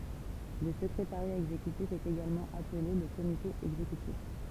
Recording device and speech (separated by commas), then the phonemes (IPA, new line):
temple vibration pickup, read sentence
lə səkʁetaʁja ɛɡzekytif ɛt eɡalmɑ̃ aple lə komite ɛɡzekytif